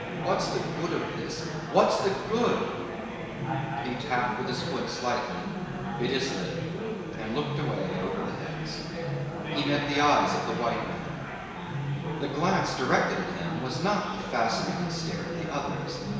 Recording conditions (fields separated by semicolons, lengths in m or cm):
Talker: one person; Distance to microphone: 1.7 m; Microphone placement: close; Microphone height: 1.0 m; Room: very reverberant, large; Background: babble